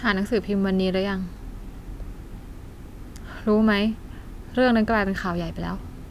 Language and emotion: Thai, frustrated